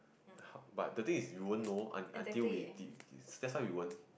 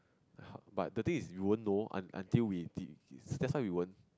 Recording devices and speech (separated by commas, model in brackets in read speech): boundary microphone, close-talking microphone, conversation in the same room